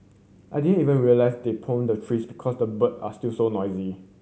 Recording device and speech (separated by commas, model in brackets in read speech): mobile phone (Samsung C7100), read sentence